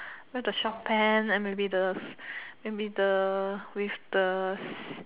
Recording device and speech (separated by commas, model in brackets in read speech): telephone, conversation in separate rooms